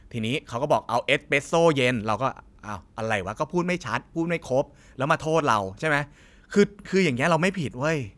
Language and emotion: Thai, frustrated